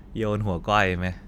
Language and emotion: Thai, frustrated